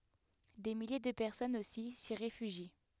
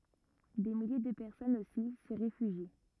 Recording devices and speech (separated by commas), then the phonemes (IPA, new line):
headset microphone, rigid in-ear microphone, read sentence
de milje də pɛʁsɔnz osi si ʁefyʒi